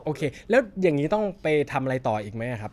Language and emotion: Thai, neutral